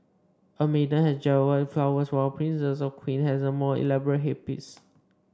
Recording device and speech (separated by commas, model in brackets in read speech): standing microphone (AKG C214), read sentence